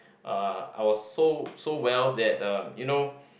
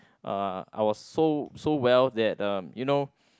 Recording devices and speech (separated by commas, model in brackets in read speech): boundary microphone, close-talking microphone, conversation in the same room